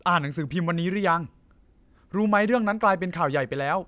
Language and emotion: Thai, neutral